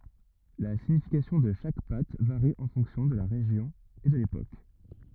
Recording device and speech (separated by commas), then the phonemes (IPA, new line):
rigid in-ear microphone, read sentence
la siɲifikasjɔ̃ də ʃak pat vaʁi ɑ̃ fɔ̃ksjɔ̃ də la ʁeʒjɔ̃ e də lepok